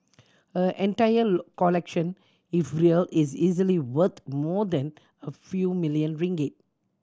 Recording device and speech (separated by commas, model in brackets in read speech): standing microphone (AKG C214), read sentence